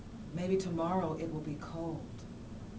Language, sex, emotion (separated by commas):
English, female, neutral